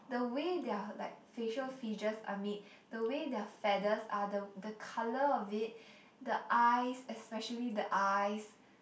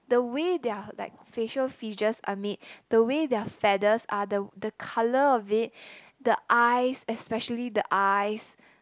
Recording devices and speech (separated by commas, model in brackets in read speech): boundary microphone, close-talking microphone, conversation in the same room